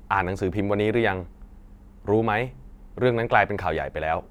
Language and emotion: Thai, neutral